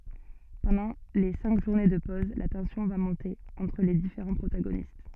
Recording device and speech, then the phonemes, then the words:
soft in-ear microphone, read sentence
pɑ̃dɑ̃ le sɛ̃k ʒuʁne də pɔz la tɑ̃sjɔ̃ va mɔ̃te ɑ̃tʁ le difeʁɑ̃ pʁotaɡonist
Pendant les cinq journées de pose, la tension va monter entre les différents protagonistes.

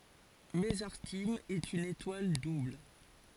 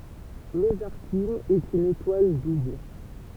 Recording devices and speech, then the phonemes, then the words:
forehead accelerometer, temple vibration pickup, read sentence
məzaʁtim ɛt yn etwal dubl
Mesarthim est une étoile double.

